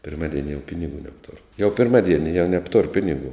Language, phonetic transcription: Lithuanian, pirˈmadieni jau ˈpinigų nebˈtur jau pirˈmaˌdieni jau ˈnebtur ˈpinigų

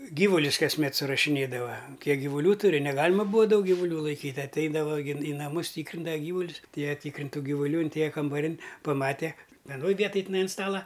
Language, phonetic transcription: Lithuanian, ˈgyvulius kasˈmet surašiˈnėdava ˈkiek givuˈlių tuˈri neˈgalima ˈbūa ˈdaug givuˈlių laiˈkyt' atˈeidava gi į naˈmus ˈtykrindava ˈgyvulius atˈėja ˈtykrint' ˈtų givuˈlių inˈtėja kambaˈrin' paˈmate veˈnoj ˈvietoj tiˈnai an ˈstala

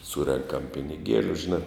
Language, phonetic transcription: Lithuanian, ˈsūrenkam piniˈgieliu žiˈnā

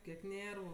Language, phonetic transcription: Lithuanian, kiek ˈnėrvu

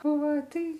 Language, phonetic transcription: Lithuanian, ˈva ˈtai

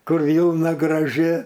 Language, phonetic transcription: Lithuanian, kur ˈvylna graˈži

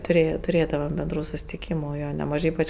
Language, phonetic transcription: Lithuanian, tuˈrėja tuˈrėdavam benˈdrų susitiˈkymu ˈjo neˈmažai ˈypač

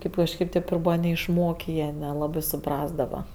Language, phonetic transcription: Lithuanian, ˈkėp kažˈkėp tėp ir ˈbūva neišˈmokė ˈjie neˈlabɜ suˈprasdava

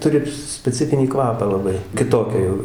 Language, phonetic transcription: Lithuanian, ˈturi speˈcifinį ˈkvapą laˈbai kiˈtokia jau

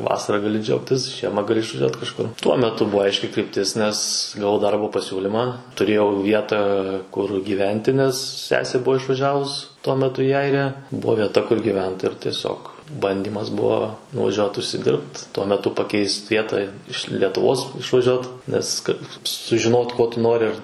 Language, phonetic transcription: Lithuanian, ˈvasara gaˈli ˈdžiaugtis ˈžiema gaˈli išvaˈžiuot kažˈkur ˈtuo meˈtu ˈbuvo ˈaiški krypˈtis ˈnes gaˈvau ˈdarbo paˈsiūlimą tuˈrėjau ˈvietą kur gyˈventi nes ˈsesė ˈbuo išvaˈžiavus tuo meˈtu i ˈairija ˈbuvo vieˈta kur gyˈvent ir tieˈsiog ˈbandymas ˈbuvo nuvaˈžiuot užsiˈdirbt tuo meˈtu paˈkeist ˈvieta iš letuˈvos išvaˈžiuot ˈnes ˈkad sužiˈnot ˈko tu ˈnori

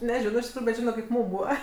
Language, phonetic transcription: Lithuanian, neˈžino iš tikˈrųju bet ˈžino kaip ˈmūm ˈbūva

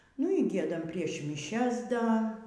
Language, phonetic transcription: Lithuanian, nu y ˈgiedam prieš miˈšias ˈda

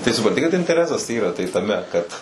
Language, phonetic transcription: Lithuanian, tai supranˈti kad inteˈresas ˈyra ˈtai taˈme kad

